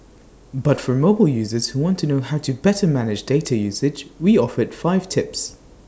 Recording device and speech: standing microphone (AKG C214), read sentence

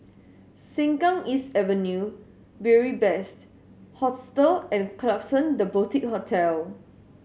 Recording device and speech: mobile phone (Samsung S8), read sentence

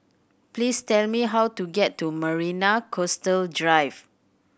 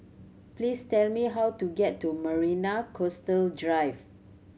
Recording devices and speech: boundary microphone (BM630), mobile phone (Samsung C7100), read sentence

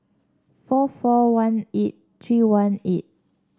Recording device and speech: standing microphone (AKG C214), read sentence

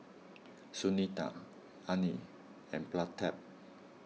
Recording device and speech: mobile phone (iPhone 6), read sentence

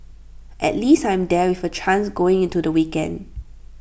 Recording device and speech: boundary microphone (BM630), read sentence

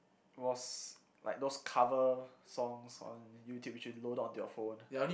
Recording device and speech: boundary microphone, conversation in the same room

